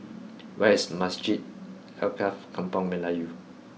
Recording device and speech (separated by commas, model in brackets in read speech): mobile phone (iPhone 6), read sentence